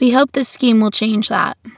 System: none